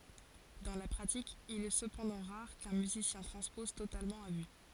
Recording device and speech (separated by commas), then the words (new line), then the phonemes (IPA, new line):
forehead accelerometer, read sentence
Dans la pratique, il est cependant rare qu'un musicien transpose totalement à vue.
dɑ̃ la pʁatik il ɛ səpɑ̃dɑ̃ ʁaʁ kœ̃ myzisjɛ̃ tʁɑ̃spɔz totalmɑ̃ a vy